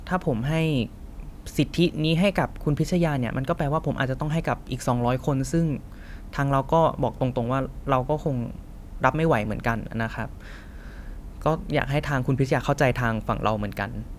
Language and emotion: Thai, frustrated